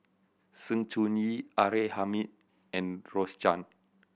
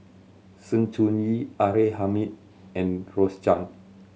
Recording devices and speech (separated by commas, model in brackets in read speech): boundary microphone (BM630), mobile phone (Samsung C7100), read sentence